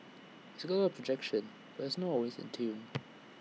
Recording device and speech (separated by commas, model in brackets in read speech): mobile phone (iPhone 6), read sentence